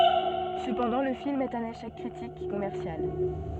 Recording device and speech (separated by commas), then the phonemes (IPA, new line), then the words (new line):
soft in-ear microphone, read sentence
səpɑ̃dɑ̃ lə film ɛt œ̃n eʃɛk kʁitik e kɔmɛʁsjal
Cependant, le film est un échec critique et commercial.